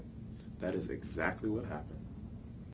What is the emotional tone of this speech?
neutral